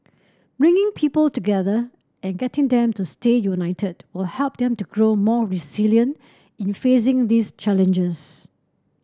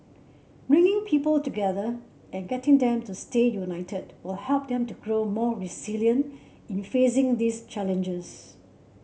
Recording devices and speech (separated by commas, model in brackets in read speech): standing microphone (AKG C214), mobile phone (Samsung C7), read sentence